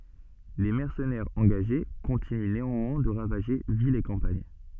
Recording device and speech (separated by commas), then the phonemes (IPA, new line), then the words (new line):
soft in-ear microphone, read sentence
le mɛʁsənɛʁz ɑ̃ɡaʒe kɔ̃tiny neɑ̃mwɛ̃ də ʁavaʒe vilz e kɑ̃paɲ
Les mercenaires engagés continuent néanmoins de ravager villes et campagne.